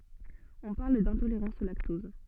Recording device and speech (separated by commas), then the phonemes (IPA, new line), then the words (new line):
soft in-ear microphone, read sentence
ɔ̃ paʁl dɛ̃toleʁɑ̃s o laktɔz
On parle d'intolérance au lactose.